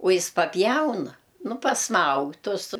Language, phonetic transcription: Lithuanian, u ˈjis paˈpjauna ˈnu pasˈmaug ˈtus

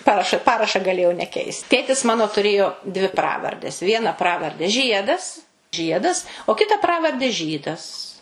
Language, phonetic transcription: Lithuanian, ˈparaša ˈparaša gaˈlėjau neˈkeist ˈtėtis ˈmano tuˈrėjo dvi ˈpravardes ˈviena ˈpravarde ˈžiedas ˈžiedas o ˈkita ˈpravarde ˈžydas

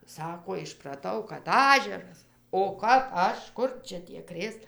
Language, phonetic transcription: Lithuanian, ˈsako išpraˈtau kad ˈažeras o kap ˈaš ˈkur ˈčia tie ˈkrės

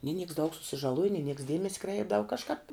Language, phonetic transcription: Lithuanian, ni niks daug susižaˈluoji ni niks ˈdiemesi ˈkreipdava kažˈkāp

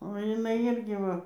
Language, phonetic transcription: Lithuanian, o jiˈnai ˈirgi ˈva

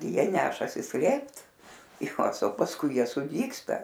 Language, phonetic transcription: Lithuanian, ˈjie ˈnešasi ˈslėpt iˈkasa pasˈkui ˈjie suˈdygsta

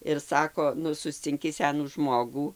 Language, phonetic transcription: Lithuanian, ir ˈsako ˈnu suscinˈki ˈsenų ˈžmogų

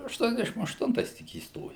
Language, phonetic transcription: Lithuanian, ašˈtuoniasdešim ašˈtuntais tik įsˈtojau

